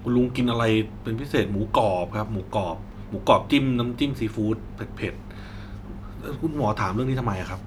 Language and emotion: Thai, neutral